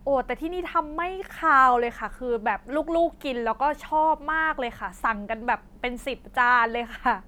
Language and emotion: Thai, happy